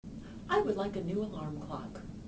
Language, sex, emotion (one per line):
English
female
neutral